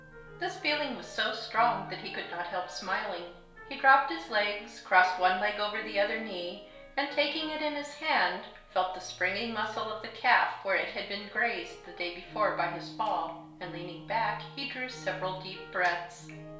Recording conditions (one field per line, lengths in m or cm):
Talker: one person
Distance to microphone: 1.0 m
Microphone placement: close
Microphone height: 1.1 m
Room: small (3.7 m by 2.7 m)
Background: music